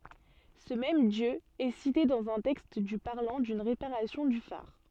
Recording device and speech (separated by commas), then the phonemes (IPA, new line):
soft in-ear microphone, read sentence
sə mɛm djø ɛ site dɑ̃z œ̃ tɛkst dy paʁlɑ̃ dyn ʁepaʁasjɔ̃ dy faʁ